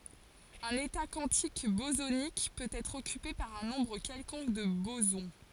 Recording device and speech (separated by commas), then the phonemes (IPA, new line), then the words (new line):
forehead accelerometer, read sentence
œ̃n eta kwɑ̃tik bozonik pøt ɛtʁ ɔkype paʁ œ̃ nɔ̃bʁ kɛlkɔ̃k də bozɔ̃
Un état quantique bosonique peut être occupé par un nombre quelconque de bosons.